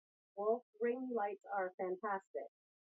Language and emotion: English, neutral